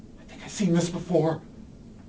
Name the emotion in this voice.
fearful